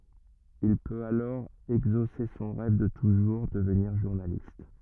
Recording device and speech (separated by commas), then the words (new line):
rigid in-ear microphone, read sentence
Il peut alors exaucer son rêve de toujours, devenir journaliste.